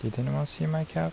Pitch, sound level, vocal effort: 145 Hz, 75 dB SPL, soft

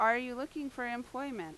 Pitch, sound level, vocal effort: 250 Hz, 89 dB SPL, very loud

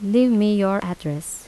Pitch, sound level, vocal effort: 200 Hz, 82 dB SPL, soft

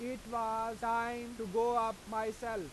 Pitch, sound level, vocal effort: 230 Hz, 97 dB SPL, loud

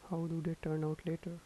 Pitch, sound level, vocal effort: 165 Hz, 78 dB SPL, soft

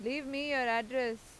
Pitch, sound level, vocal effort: 255 Hz, 93 dB SPL, loud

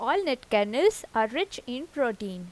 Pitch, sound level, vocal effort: 255 Hz, 87 dB SPL, normal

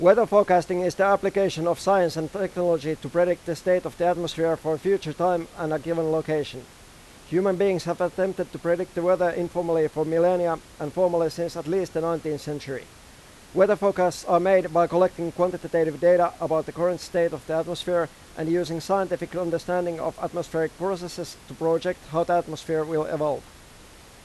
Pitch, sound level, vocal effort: 170 Hz, 94 dB SPL, loud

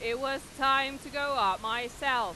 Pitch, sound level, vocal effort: 270 Hz, 101 dB SPL, very loud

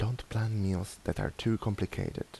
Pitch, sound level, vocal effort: 110 Hz, 76 dB SPL, soft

